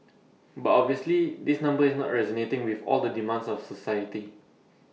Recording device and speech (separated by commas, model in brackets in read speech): mobile phone (iPhone 6), read sentence